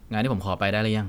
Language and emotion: Thai, neutral